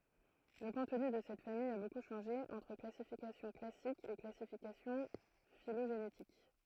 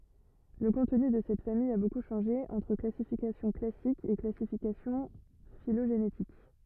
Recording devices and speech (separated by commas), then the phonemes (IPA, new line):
throat microphone, rigid in-ear microphone, read sentence
lə kɔ̃tny də sɛt famij a boku ʃɑ̃ʒe ɑ̃tʁ klasifikasjɔ̃ klasik e klasifikasjɔ̃ filoʒenetik